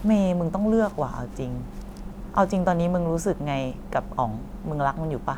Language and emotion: Thai, neutral